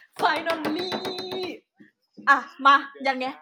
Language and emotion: Thai, happy